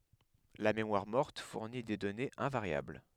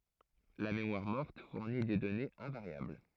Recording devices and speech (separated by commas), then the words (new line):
headset microphone, throat microphone, read sentence
La mémoire morte fournit des données invariables.